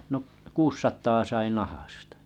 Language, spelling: Finnish, no kuusisataa sai nahasta
- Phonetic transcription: no’ 'kuussat̆taa sai 'nahastᴀ .

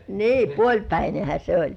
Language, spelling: Finnish, niin puolipäinenhän se oli
- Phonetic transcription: ni "puoĺpäinehä se oĺ .

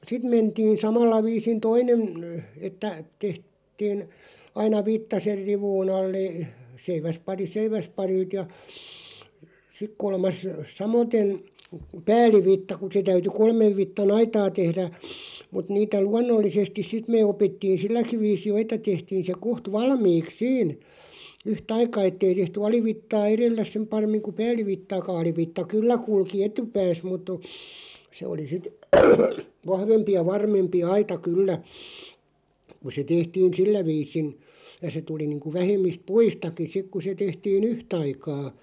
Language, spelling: Finnish, sitten mentiin samalla viisin toinen - että - tehtiin aina vitsa sen rivun alle - seiväspari seiväsparilta ja sitten kolmas samaten päällivitsa kun se täytyi kolmen vitsan aitaa tehdä mutta niitä luonnollisesti sitten me opittiin silläkin viisin jo että tehtiin se kohta valmiiksi siinä yhtä aikaa että ei tehty alivitsaa edellä sen paremmin kuin päällivitsaakaan alivitsa kyllä kulki etupäässä mutta on se oli sitten vahvempi ja varmempi aita kyllä kun se tehtiin sillä viisin ja se tuli niin kuin vähemmistä puistakin sitten kun se tehtiin yhtä aikaa
- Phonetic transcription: 'sit mentiin̬ 'samalla 'viisin "toinen n- , että , 'tehᵗ- -tiin , aina 'vitta ser "rivuu'n ‿alle (-e-) , 'seiväspari "seiväsparilt ja , 'sik kolmas , "samoten̬ , "pääl̆livitta kᵘ se 'täyty "kolmev 'vitta"n ‿aitaa 'tehrä , mut 'niitä "luannollisestis 'sit mee 'opittiin̬ "silläkiᵛ 'viisi "jo että 'tehtiin̬ se 'koht "valmiiks "siin , 'yh"t ‿aika 'ettei tehty "alivittaa 'erell(ä) 'sᵉm 'parem̆miŋ ku "pääl̆livittaaka 'alivitta "kyllä 'kulki "etupääs mut ‿o , se oli 'sit "vahvempi ja "varmempi "aita "kyllä , ku se 'tehtiin̬ "sillä 'viisin , ja se 'tuli niiŋku 'vähem̆mist "puistaki 'sik ku se 'tehtii"n ‿yhtaikaa .

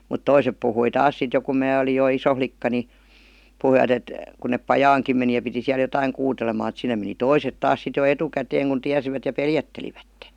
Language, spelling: Finnish, mutta toiset puhui taas sitten jo kun minä olin jo iso likka niin puhuivat että kun ne pajaankin meni ja piti siellä jotakin kuuteleman että sinne meni toiset taas sitten jo etukäteen kun tiesivät ja pelättelivät
- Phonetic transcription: mut "toisep puhui 'taas sit jo kum 'mää olij jo "iso 'flikka ni , 'puhuivat ‿et , kun 'nep "pajaaŋkim meni ja piti 'siäl jotaiŋ "kuutelemaan [e]t sinne meni "toiset 'taas sit jo "etukäteeŋ kun 'tiäsivät ja "peljätteiivättE .

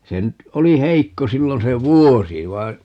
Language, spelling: Finnish, se nyt oli heikko silloin se vuosi vaan
- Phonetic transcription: 'se nyt , 'oli "heikko 'sillon se "vuosi 'vai̮n , .

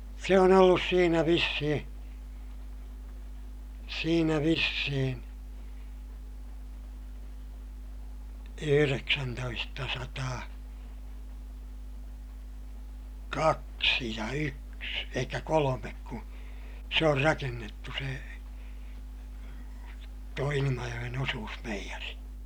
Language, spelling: Finnish, se on ollut siinä vissiin siinä vissiin yhdeksäntoistasataa kaksi ja yksi eli kolme kun se on rakennettu se tuo Ilmajoen osuusmeijeri
- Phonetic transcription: se on ‿ollus siinä vissihiḭ , siinä vissihin̬ , yhyreksäntoistasataa , kaksi ja yks , elikkä kolomek ku , se or rakennettu se , tuo Ilimajoʲen ‿osuusmeijäri .

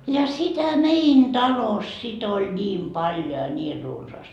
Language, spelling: Finnish, ja sitä meidän talossa sitten oli niin paljon ja niin runsaasti
- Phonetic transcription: ja 'sitä "mein "talos sit ‿oĺ "ńiim 'paljo ja 'niir runsaast .

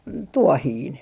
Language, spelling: Finnish, - tuohinen
- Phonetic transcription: n - "tuohiin .

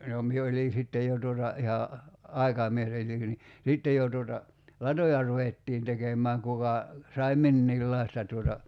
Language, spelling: Finnish, no minä olin sitten jo tuota ihan aikamies niin sitten jo tuota latoja ruvettiin tekemään kuka sai minkäkinlaista tuota
- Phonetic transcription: no 'mie olin̬ 'sittej jo tuota , iha , 'ai̬kamies ni , 'sittej jo tuota , "latoja 'ruvettiin 'tekem̀ääŋ kuka , sai̬ 'minniillaista tuota .

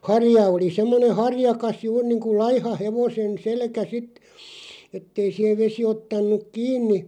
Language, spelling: Finnish, harja oli semmoinen harjakas juuri niin kuin laiha hevosen selkä sitten että ei siihen vesi ottanut kiinni
- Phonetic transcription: 'harja oli 'semmone "harjakas 'juur niiŋku "laiha 'hevosen 'selkä 'sit , ettei siʰev 'vesi 'ottan̆nuk "kiin̆ni ,.

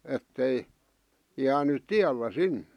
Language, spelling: Finnish, että ei jäänyt tiellä sinne
- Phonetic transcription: ettei , jäänyt̆ "tiällä "sin(ne) .

